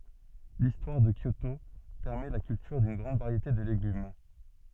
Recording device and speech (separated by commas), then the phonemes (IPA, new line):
soft in-ear microphone, read sentence
listwaʁ də kjoto pɛʁmɛ la kyltyʁ dyn ɡʁɑ̃d vaʁjete də leɡym